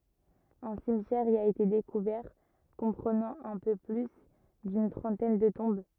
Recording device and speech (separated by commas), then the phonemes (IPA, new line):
rigid in-ear microphone, read sentence
œ̃ simtjɛʁ i a ete dekuvɛʁ kɔ̃pʁənɑ̃ œ̃ pø ply dyn tʁɑ̃tɛn də tɔ̃b